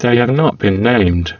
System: VC, spectral filtering